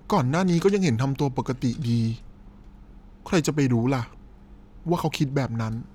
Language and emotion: Thai, frustrated